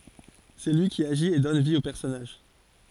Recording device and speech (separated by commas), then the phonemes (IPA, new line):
forehead accelerometer, read sentence
sɛ lyi ki aʒit e dɔn vi o pɛʁsɔnaʒ